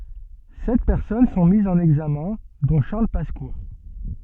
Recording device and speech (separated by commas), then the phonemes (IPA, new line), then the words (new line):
soft in-ear microphone, read sentence
sɛt pɛʁsɔn sɔ̃ mizz ɑ̃n ɛɡzamɛ̃ dɔ̃ ʃaʁl paska
Sept personnes sont mises en examen, dont Charles Pasqua.